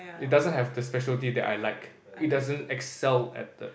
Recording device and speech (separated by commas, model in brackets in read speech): boundary microphone, conversation in the same room